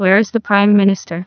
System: TTS, neural waveform model